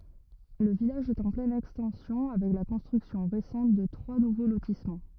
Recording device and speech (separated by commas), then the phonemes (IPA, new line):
rigid in-ear microphone, read sentence
lə vilaʒ ɛt ɑ̃ plɛn ɛkstɑ̃sjɔ̃ avɛk la kɔ̃stʁyksjɔ̃ ʁesɑ̃t də tʁwa nuvo lotismɑ̃